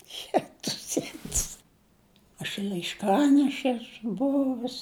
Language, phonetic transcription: Lithuanian, ˈjetus ˈjetus aš laišˈkaneše ˈesu ˈbuvus

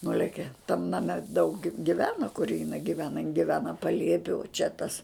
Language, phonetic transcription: Lithuanian, ˈnuleke tam naˈme daug gi giˈvena kur jiˈnai giˈvena jin giˈvena paˈliepi u čia tas

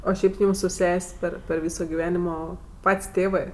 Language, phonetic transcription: Lithuanian, o ˈšiaip ˈjūm su ˈses' per per ˈvyso giˈvenimo ˈpat's' ˈtėvɜ

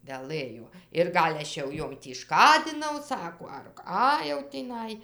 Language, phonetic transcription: Lithuanian, veˈlɘjo ir ˈgal' ˈaš jau ˈjom tį ˈškadinau ˈsako ar ˈką jau tįˈnai

